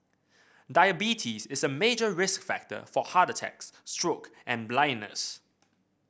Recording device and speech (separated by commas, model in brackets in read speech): boundary microphone (BM630), read sentence